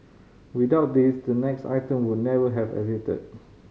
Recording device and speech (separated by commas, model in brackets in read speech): mobile phone (Samsung C5010), read sentence